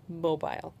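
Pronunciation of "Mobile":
'Mobile' is said with the British pronunciation, not the American one.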